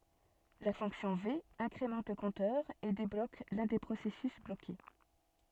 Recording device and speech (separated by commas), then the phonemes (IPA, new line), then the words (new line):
soft in-ear microphone, read sentence
la fɔ̃ksjɔ̃ ve ɛ̃kʁemɑ̃t lə kɔ̃tœʁ e deblok lœ̃ de pʁosɛsys bloke
La fonction V incrémente le compteur et débloque l'un des processus bloqué.